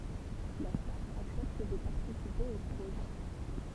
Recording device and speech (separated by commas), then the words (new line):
temple vibration pickup, read sentence
La star accepte de participer au projet.